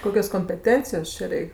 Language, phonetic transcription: Lithuanian, ˈkokios kompeˈtencijos ˈčia ˈreik'

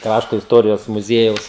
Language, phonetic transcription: Lithuanian, ˈkrašto isˈtorijos muˈziejaus

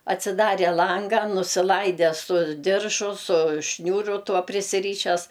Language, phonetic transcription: Lithuanian, atsiˈdarė ˈlanga nusiˈlaide su ˈdiržu su ˈšniūru ˈtuo prisiˈryšes

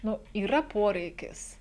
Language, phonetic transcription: Lithuanian, ˈnu yˈra ˈporeikis

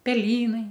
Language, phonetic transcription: Lithuanian, peˈlynai

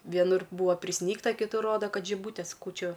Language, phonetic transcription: Lithuanian, vieˈnur ˈbūva priˈsnygta kiˈtur ˈroda ˈkad žiˈbūtės ˈkūčiu

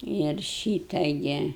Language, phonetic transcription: Lithuanian, ir ˈšyta ˈgi

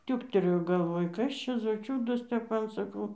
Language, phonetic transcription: Lithuanian, ˈtiūktelėjo galˈvoj ˈkas čia zo ˈčiūdas ˈtep ˈman saˈkau

